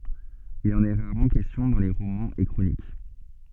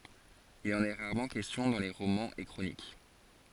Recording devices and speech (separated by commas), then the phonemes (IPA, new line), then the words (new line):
soft in-ear microphone, forehead accelerometer, read sentence
il ɑ̃n ɛ ʁaʁmɑ̃ kɛstjɔ̃ dɑ̃ le ʁomɑ̃z e kʁonik
Il en est rarement question dans les romans et chroniques.